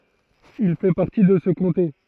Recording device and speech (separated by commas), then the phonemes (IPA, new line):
throat microphone, read sentence
il fɛ paʁti də sə kɔ̃te